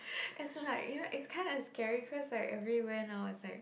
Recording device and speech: boundary microphone, conversation in the same room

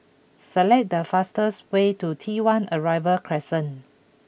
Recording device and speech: boundary microphone (BM630), read sentence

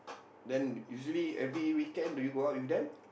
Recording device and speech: boundary microphone, conversation in the same room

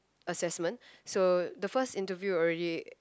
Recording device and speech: close-talking microphone, conversation in the same room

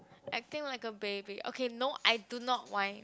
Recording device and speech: close-talking microphone, conversation in the same room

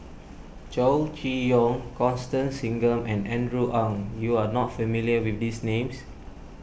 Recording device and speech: boundary microphone (BM630), read sentence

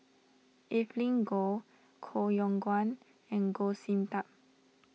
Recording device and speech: mobile phone (iPhone 6), read sentence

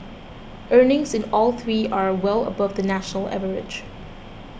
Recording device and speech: boundary microphone (BM630), read sentence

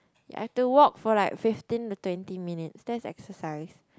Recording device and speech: close-talking microphone, conversation in the same room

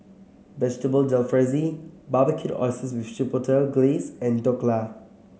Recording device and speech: mobile phone (Samsung C7), read sentence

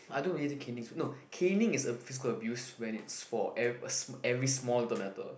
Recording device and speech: boundary microphone, conversation in the same room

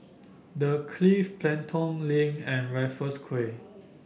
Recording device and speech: boundary microphone (BM630), read sentence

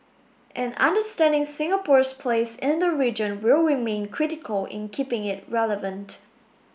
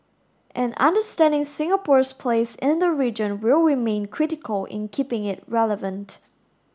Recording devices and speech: boundary microphone (BM630), standing microphone (AKG C214), read sentence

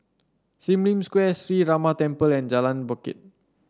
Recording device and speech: standing microphone (AKG C214), read sentence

